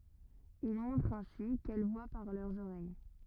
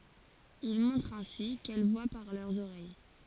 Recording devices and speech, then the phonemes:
rigid in-ear microphone, forehead accelerometer, read sentence
il mɔ̃tʁ ɛ̃si kɛl vwa paʁ lœʁz oʁɛj

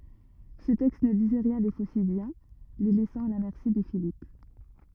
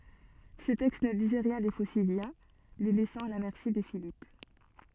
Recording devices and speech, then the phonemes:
rigid in-ear microphone, soft in-ear microphone, read sentence
sə tɛkst nə dizɛ ʁjɛ̃ de fosidjɛ̃ le lɛsɑ̃ a la mɛʁsi də filip

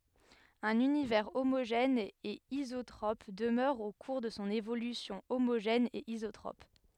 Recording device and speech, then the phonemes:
headset microphone, read sentence
œ̃n ynivɛʁ omoʒɛn e izotʁɔp dəmœʁ o kuʁ də sɔ̃ evolysjɔ̃ omoʒɛn e izotʁɔp

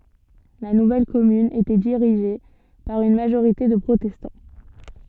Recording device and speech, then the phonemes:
soft in-ear microphone, read sentence
la nuvɛl kɔmyn etɛ diʁiʒe paʁ yn maʒoʁite də pʁotɛstɑ̃

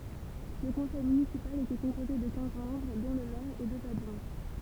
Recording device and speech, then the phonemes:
temple vibration pickup, read sentence
lə kɔ̃sɛj mynisipal etɛ kɔ̃poze də kɛ̃z mɑ̃bʁ dɔ̃ lə mɛʁ e døz adʒwɛ̃

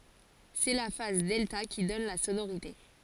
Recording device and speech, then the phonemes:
forehead accelerometer, read sentence
sɛ la faz dɛlta ki dɔn la sonoʁite

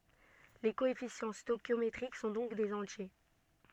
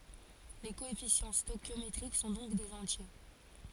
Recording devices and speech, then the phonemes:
soft in-ear microphone, forehead accelerometer, read sentence
le koɛfisjɑ̃ stoɛʃjometʁik sɔ̃ dɔ̃k dez ɑ̃tje

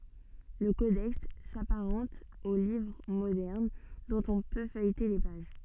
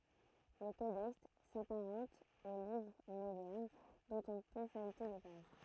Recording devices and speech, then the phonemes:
soft in-ear microphone, throat microphone, read sentence
lə kodɛks sapaʁɑ̃t o livʁ modɛʁn dɔ̃t ɔ̃ pø fœjte le paʒ

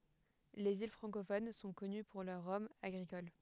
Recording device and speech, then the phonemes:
headset microphone, read sentence
lez il fʁɑ̃kofon sɔ̃ kɔny puʁ lœʁ ʁɔmz aɡʁikol

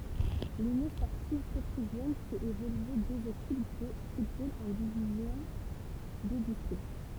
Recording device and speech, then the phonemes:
temple vibration pickup, read sentence
lynjɔ̃ spɔʁtiv petʁyvjɛn fɛt evolye døz ekip də futbol ɑ̃ divizjɔ̃ də distʁikt

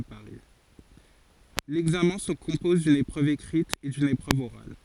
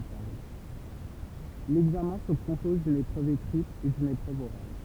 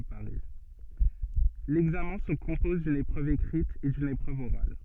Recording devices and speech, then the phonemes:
forehead accelerometer, temple vibration pickup, soft in-ear microphone, read sentence
lɛɡzamɛ̃ sə kɔ̃pɔz dyn epʁøv ekʁit e dyn epʁøv oʁal

